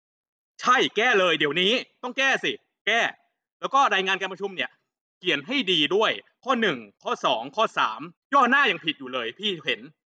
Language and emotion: Thai, angry